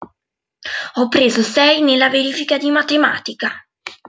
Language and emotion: Italian, angry